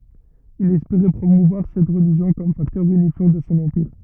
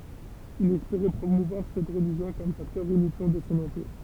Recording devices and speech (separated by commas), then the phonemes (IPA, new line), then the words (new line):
rigid in-ear microphone, temple vibration pickup, read sentence
il ɛspeʁɛ pʁomuvwaʁ sɛt ʁəliʒjɔ̃ kɔm faktœʁ ynifjɑ̃ də sɔ̃ ɑ̃piʁ
Il espérait promouvoir cette religion comme facteur unifiant de son empire.